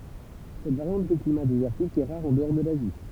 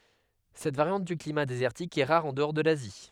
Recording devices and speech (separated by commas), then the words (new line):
temple vibration pickup, headset microphone, read sentence
Cette variante du climat désertique est rare en-dehors de l'Asie.